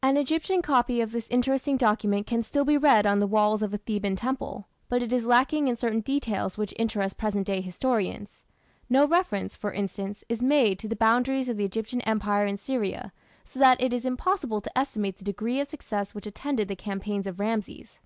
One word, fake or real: real